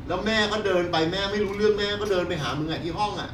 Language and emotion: Thai, angry